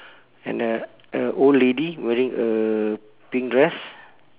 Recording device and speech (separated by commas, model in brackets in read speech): telephone, conversation in separate rooms